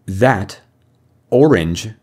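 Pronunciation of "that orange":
Each word in 'that orange' is pronounced directly, not linked together to sound like one word.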